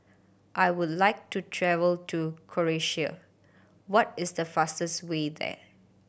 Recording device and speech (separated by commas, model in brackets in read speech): boundary microphone (BM630), read sentence